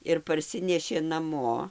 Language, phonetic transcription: Lithuanian, ir parˈsinešė naˈmo

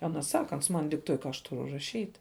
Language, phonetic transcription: Lithuanian, ˈana ˈsaka ˈans man dikˈtuoj ka aš ˈturu raˈšyt'

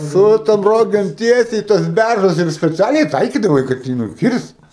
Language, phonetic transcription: Lithuanian, ˈsu tom ˈrogėm ˈtiesiai i tuos ˈbæržus ir speˈcialiai ˈtaikydavai kad ˈjį nuˈkirst

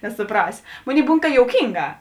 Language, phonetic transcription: Lithuanian, nesuˈprasio ˈmoˌnėi ˈbūn ka jouˈkynˌgā

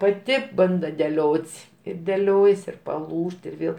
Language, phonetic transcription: Lithuanian, paˈti ˈbanda deˈliot's' ir deˈliojas ir paˈlūžt ir ˈvėl

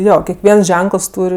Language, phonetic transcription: Lithuanian, ˈjo kekˈviens ˈženkəls ˈtūr'

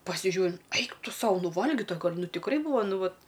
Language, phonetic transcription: Lithuanian, pasiˈžiū ˈeik ˈtu ˈsau ˈnu ˈvalgita ˈgal' ˈnu tikˈrai ˈbūva ˈnu ˈvat

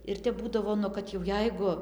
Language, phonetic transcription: Lithuanian, ir ˈtep ˈbūdavo nu ˈkad jau ˈjeigu

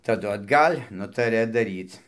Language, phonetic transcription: Lithuanian, taˈdu atˈgal' ˈnutaria daˈryc

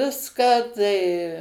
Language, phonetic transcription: Lithuanian, ˈviską tai

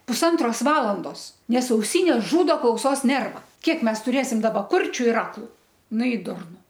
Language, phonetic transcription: Lithuanian, pusˈantros ˈvalandos ˈnes auˈsynės ˈžūdo klauˈsos ˈnerva ˈkiek ˈmes tuˈrėsim ˈdaba ˈkurčiu ir ˈaklu ˈnu i ˈdurnu

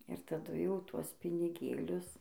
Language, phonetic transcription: Lithuanian, ir taˈdu ˈjau ˈtuos piniˈgėlius

